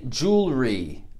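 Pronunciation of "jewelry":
'Jewelry' is said with two syllables, and the middle syllable is skipped.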